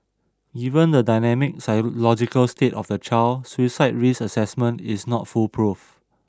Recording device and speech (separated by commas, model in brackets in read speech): standing microphone (AKG C214), read sentence